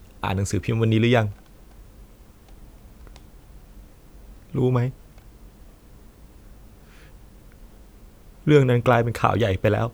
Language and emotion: Thai, sad